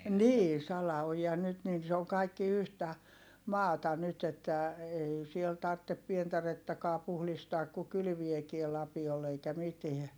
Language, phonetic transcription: Finnish, nii , sala₍ojia nyt niin̬ se oŋ kaikki yhtä , maata nyt ‿että , ei siel tarttep pientarettakaa puhlistaak - ku kylviekie - lapiol ‿eikä mitiä .
- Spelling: niin salaojia nyt niin se on kaikki yhtä maata nyt että ei siellä tarvitse pientarettakaan puhdistaa kun kylvääkin lapiolla eikä mitään

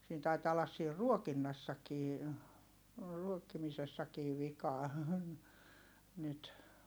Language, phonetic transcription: Finnish, siin taitaa ollas siir ruokinnassakii , ruokkimisessakiiv̆ vikaa , nyt .
- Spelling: siinä taitaa olla siinä ruokinnassakin ruokkimisessakin vikaa nyt

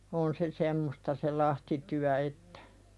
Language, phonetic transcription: Finnish, 'on se "semmosta se lahtityä "ettᴀ̈ .
- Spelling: on se semmoista se lahtityö että

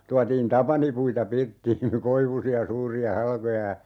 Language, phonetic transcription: Finnish, 'tuatiin "tapanipuita 'pirttiin̬ , 'koivusi₍a 'suuri₍a "halkoja ja , .
- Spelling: tuotiin tapanipuita pirttiin koivuisia suuria halkoja ja

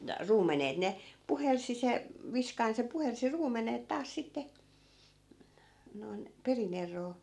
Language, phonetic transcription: Finnish, 'ruumenet ne , 'puhelsi se , 'viskain se 'puhelsi 'ruumenet 'taas sitte , noi̮n , 'peri'n ‿er̆roo .
- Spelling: ruumenet ne puhalsi se viskain se puhalsi ruumenet taas sitten noin perin eroon

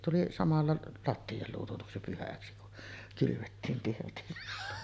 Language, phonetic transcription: Finnish, tuli samalla 'latti₍a 'luututuksi pyhäksi kun , kylyvettiim pirtissä .
- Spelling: tuli samalla lattia luututuksi pyhäksi kun kylvettiin pirtissä

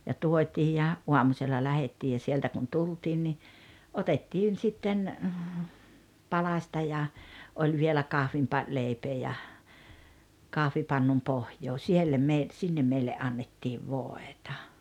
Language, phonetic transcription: Finnish, ja 'tuot́ii ja , 'uamusella 'lähettii ja sieltä kun "tultiin ni , "otettiin sitten , 'palaśta ja , 'oĺ vielä 'kahvimpa- , 'lèipee ja , 'kahvipannum 'pohjoo 'siellä me- , 'sinnem meille '’annettiiv "vòetᴀ .
- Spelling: ja tuotiin ja aamusella lähdettiin ja sieltä kun tultiin niin otettiin sitten palasta ja oli vielä - kahvileipää ja kahvipannun pohja siellä - sinne meille annettiin voita

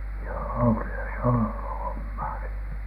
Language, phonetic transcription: Finnish, joo₍o , kyllä se on "ollu 'hommaa se .
- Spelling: joo kyllä se on ollut hommaa se

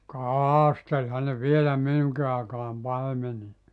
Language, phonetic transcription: Finnish, "kaaasteĺhan ne 'vielä 'minuŋki àekaam 'paimeni- .
- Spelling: kastelihan ne vielä minunkin aikaan -

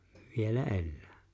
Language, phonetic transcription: Finnish, 'vielä "’ellᴀ̈ᴀ̈ .
- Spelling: vielä elää

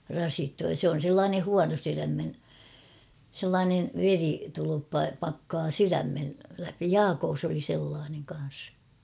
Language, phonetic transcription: Finnish, 'rasittuu ja 'se on̬ 'sellaane "huanosyrämm[ine] , 'sellaanev "veri-,-tuluppa 'pakkaa "syrämmel läpi - "Jaakoos ‿oli 'sellaaneŋ kan̬s .
- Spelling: rasittuu ja se on sellainen huonosydäminen sellainen veritulppa pakkaa sydämen läpi - Jaakossa oli sellainen kanssa

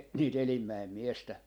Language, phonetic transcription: Finnish, e- , nii"t ‿Elimmäem 'miestä .
- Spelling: - niitä Elimäen miestä

